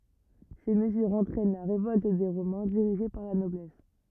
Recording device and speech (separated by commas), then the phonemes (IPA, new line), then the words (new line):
rigid in-ear microphone, read sentence
se məzyʁz ɑ̃tʁɛn la ʁevɔlt de ʁomɛ̃ diʁiʒe paʁ la nɔblɛs
Ces mesures entraînent la révolte des Romains dirigée par la noblesse.